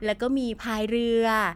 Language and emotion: Thai, happy